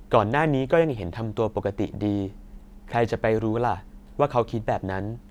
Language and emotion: Thai, neutral